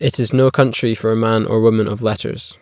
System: none